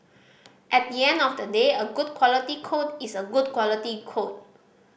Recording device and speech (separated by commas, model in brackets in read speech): boundary microphone (BM630), read sentence